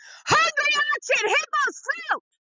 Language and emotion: English, disgusted